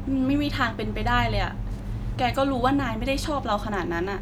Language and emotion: Thai, frustrated